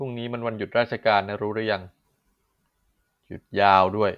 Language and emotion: Thai, frustrated